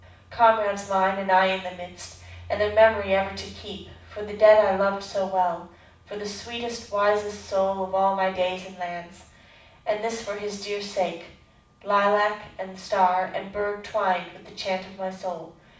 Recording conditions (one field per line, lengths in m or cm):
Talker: one person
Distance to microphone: 5.8 m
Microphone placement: far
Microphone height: 1.8 m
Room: medium-sized (5.7 m by 4.0 m)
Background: none